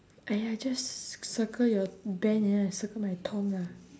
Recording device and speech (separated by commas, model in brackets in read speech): standing microphone, conversation in separate rooms